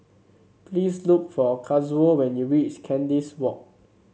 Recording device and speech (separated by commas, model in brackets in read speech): mobile phone (Samsung C7), read sentence